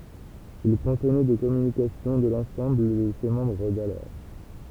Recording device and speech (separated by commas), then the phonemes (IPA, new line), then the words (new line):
temple vibration pickup, read sentence
il kɔ̃tnɛ de kɔmynikasjɔ̃ də lɑ̃sɑ̃bl də se mɑ̃bʁ dalɔʁ
Il contenait des communications de l’ensemble de ses membres d’alors.